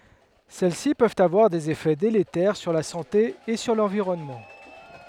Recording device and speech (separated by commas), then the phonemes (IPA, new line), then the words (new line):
headset microphone, read sentence
sɛl si pøvt avwaʁ dez efɛ deletɛʁ syʁ la sɑ̃te e syʁ lɑ̃viʁɔnmɑ̃
Celles-ci peuvent avoir des effets délétères sur la santé et sur l'environnement.